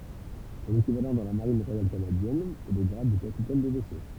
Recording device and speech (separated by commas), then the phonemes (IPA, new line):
temple vibration pickup, read sentence
sɔ̃n ekivalɑ̃ dɑ̃ la maʁin ʁwajal kanadjɛn ɛ lə ɡʁad də kapitɛn də vɛso